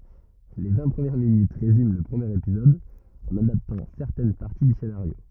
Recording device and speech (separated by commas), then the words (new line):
rigid in-ear microphone, read sentence
Les vingt premières minutes résument le premier épisode en adaptant certaines parties du scénario.